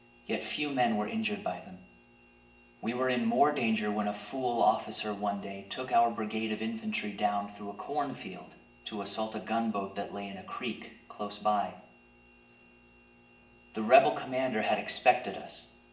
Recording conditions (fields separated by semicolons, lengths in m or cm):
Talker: one person; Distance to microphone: 1.8 m; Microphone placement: close; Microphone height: 1.0 m; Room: large; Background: none